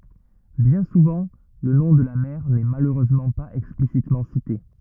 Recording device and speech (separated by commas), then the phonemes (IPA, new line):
rigid in-ear microphone, read sentence
bjɛ̃ suvɑ̃ lə nɔ̃ də la mɛʁ nɛ maløʁøzmɑ̃ paz ɛksplisitmɑ̃ site